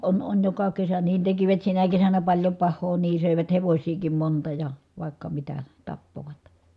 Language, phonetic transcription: Finnish, on on joka kesä niin tekivät sinä kesänä paĺjo pah̆hoo nii sö̀evät hevośiikim monta ja , vài̮kka mitä , tappovat .
- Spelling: on on joka kesä niin tekivät sinä kesänä paljon pahaa niin söivät hevosiakin monta ja vaikka mitä tappoivat

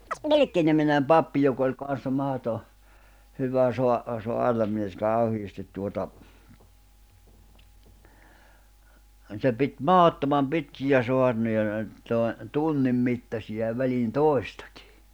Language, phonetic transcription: Finnish, 'Vilⁱkkiniminem 'pappi jok ‿oĺ kan̬ssa 'mahoto , hyvä soa- , 'soarnamies 'kàuhiistit tuota , se pit "mahottomam 'pitkijä 'soarnoja (ne oĺ) , tòe , 'tunnim 'mittasija ja 'väliin "tòistᴀkɪ .
- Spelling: Vilkki-niminen pappi joka oli kanssa mahdoton hyvä - saarnamies kauheasti tuota se piti mahdottoman pitkiä saarnoja ne oli - tunnin mittaisia ja väliin toistakin

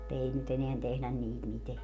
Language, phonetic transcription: Finnish, [mu]'t ‿ei ny't ‿eneän tehlän 'niit 'miteä .
- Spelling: mutta ei nyt enää tehdä niitä mitään

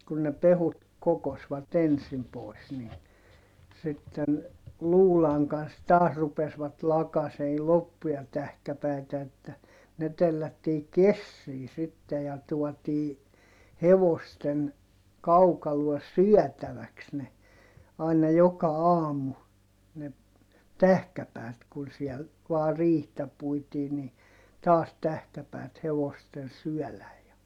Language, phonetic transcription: Finnish, kun ne pehut kokosvat ‿ensim pois nii , sitten , luulaŋ kans taas rupesvat lakasei loppuja tähkäpäi̮tä että , ne tellättii kessii sitte ja tuɔtii , hevosten , kaukaluɔs syɔ̈̀täväks ne , aina joka aam̀u , ne , tähkäpäät kun siɛl , vaa riihtä puitii ni , taas tähkäpäät hevosten syɔ̈̀läj̆ ja ,.
- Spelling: kun ne pehkut kokosivat ensin pois niin sitten luudan kanssa taas rupesivat lakaisemaan loppuja tähkäpäitä että ne tellättiin kessiin sitten ja tuotiin hevosten kaukaloon syötäväksi ne aina joka aamu ne tähkäpäät kun siellä vain riihtä puitiin niin taas tähkäpäät hevosten syödä ja

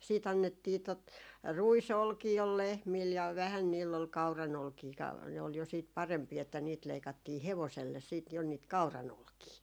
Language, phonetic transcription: Finnish, siit ‿annettii tot , 'rui"solkii ol 'lehmil ja 'vähän niill ‿ol 'kau̬ranolkii ka , ne ol jo siit "parempii että 'niit leikattii "hevoselles siit jo niit 'kau̬ra"nolkii .
- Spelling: sitten annettiin tuota ruisolkia oli lehmillä ja vähän niillä oli kauranolkia ka ne oli jo sitten parempia että niitä leikattiin hevoselle sitten jo niitä kauranolkia

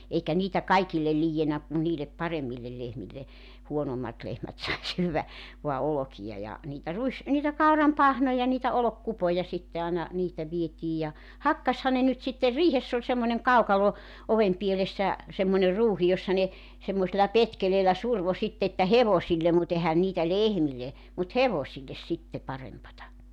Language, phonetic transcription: Finnish, 'eikä 'niitä "kaikillel 'liijjenä kun 'niilep "parem̆millel 'lehmille , 'huonommat 'lehmät sai 'syyvvä , voa 'olokija ja , niitä 'ruis- , niitä "kauram "pahnoja niitä 'olok"kupoja sitte àena , 'niitä 'vietiij ja , "hakkasha ne nyt sitter "riihess ‿oĺ semmońeŋ "kaukalo , 'ovem pielessä , semmońer 'ruuhi jossa ne , semmosella 'petkeleelä 'survo 'sitte että "hevosillem mu't ‿ehän niitä "lehmille , mut "hevosilles sitte 'parempata .
- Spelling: eikä niitä kaikille liiennyt kun niille paremmille lehmille huonommat lehmät sai syödä vain olkia ja niitä - niitä kauran pahnoja niitä olkikupoja sitten aina niitä vietiin ja hakkasihan ne nyt sitten riihessä oli semmoinen kaukalo oven pielessä semmoinen ruuhi jossa ne semmoisella petkeleellä survoi sitten että hevosille mutta eihän niitä lehmille mutta hevosille sitten parempaa

